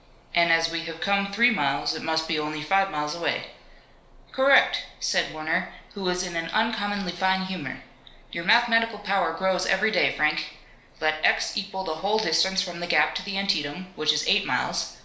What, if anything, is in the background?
Nothing.